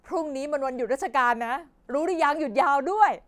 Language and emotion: Thai, happy